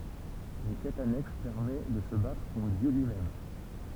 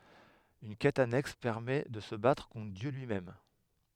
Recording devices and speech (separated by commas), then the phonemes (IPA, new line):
temple vibration pickup, headset microphone, read sentence
yn kɛt anɛks pɛʁmɛ də sə batʁ kɔ̃tʁ djø lyimɛm